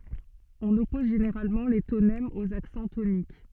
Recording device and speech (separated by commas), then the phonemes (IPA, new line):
soft in-ear microphone, read sentence
ɔ̃n ɔpɔz ʒeneʁalmɑ̃ le tonɛmz oz aksɑ̃ tonik